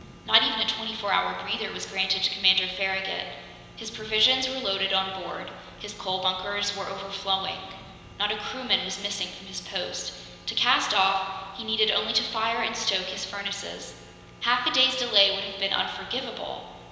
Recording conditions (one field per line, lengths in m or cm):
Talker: one person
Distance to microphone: 1.7 m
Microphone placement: close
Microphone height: 1.0 m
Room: very reverberant, large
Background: none